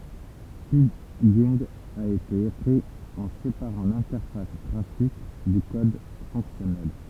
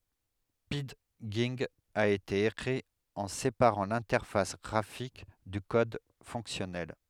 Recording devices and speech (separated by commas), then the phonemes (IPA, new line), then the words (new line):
temple vibration pickup, headset microphone, read sentence
pidʒɛ̃ a ete ekʁi ɑ̃ sepaʁɑ̃ lɛ̃tɛʁfas ɡʁafik dy kɔd fɔ̃ksjɔnɛl
Pidgin a été écrit en séparant l'interface graphique du code fonctionnel.